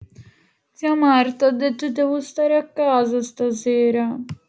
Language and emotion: Italian, sad